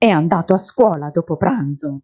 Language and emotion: Italian, angry